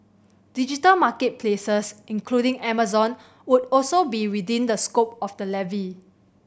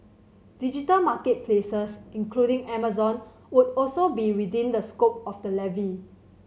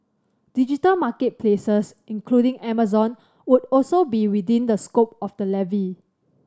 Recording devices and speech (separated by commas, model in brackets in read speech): boundary microphone (BM630), mobile phone (Samsung C7100), standing microphone (AKG C214), read sentence